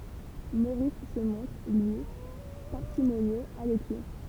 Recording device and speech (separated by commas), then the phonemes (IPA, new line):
temple vibration pickup, read sentence
moʁis sə mɔ̃tʁ lyi paʁsimonjøz a lɛksɛ